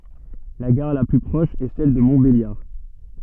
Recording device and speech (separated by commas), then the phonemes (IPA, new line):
soft in-ear microphone, read sentence
la ɡaʁ la ply pʁɔʃ ɛ sɛl də mɔ̃tbeljaʁ